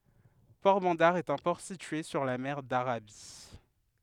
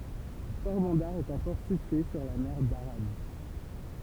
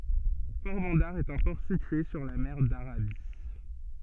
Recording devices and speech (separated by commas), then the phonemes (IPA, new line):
headset microphone, temple vibration pickup, soft in-ear microphone, read sentence
pɔʁbɑ̃daʁ ɛt œ̃ pɔʁ sitye syʁ la mɛʁ daʁabi